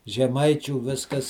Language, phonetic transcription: Lithuanian, žeˈmaičių ˈviskas

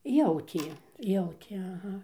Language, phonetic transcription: Lithuanian, ˈjautie ˈjautė aˈha

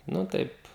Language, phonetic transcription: Lithuanian, nu ˈtaip

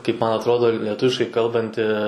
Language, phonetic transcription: Lithuanian, kaip ˈman atˈrodo leˈtuviškai ˈkalbanti

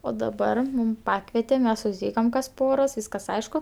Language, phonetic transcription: Lithuanian, o daˈbar ˈmūm ˈpakvete ˈmes susˈtykam kas ˈporos ˈvyskas ˈaišku

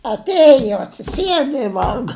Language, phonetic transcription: Lithuanian, atˈėjo atsiˈsieda i ˈvalga

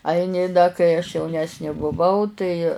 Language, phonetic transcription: Lithuanian, ˈaini da kai aš jauˈnesnė buˈvau tai

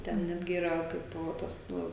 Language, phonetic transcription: Lithuanian, ˈten ˈnetgi ˈyra ˈkaip ˈtas ˈnu

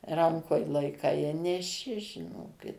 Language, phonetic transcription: Lithuanian, ˈrankoj laiˈkai i neˈši žiˈnokit

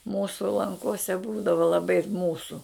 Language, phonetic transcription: Lithuanian, ˈmūsu lanˈkose ˈbūdava laˈbai ˈmūsu

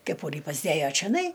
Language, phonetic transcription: Lithuanian, keˈpūrį pasˈdėjo čioˈnai

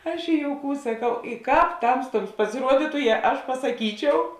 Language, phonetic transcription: Lithuanian, ˈaš i jouˈkūs saˈkau i ˈkāp ˈtamstuoms pasiˈruoditu je ˈaš pasaˈkyčiau

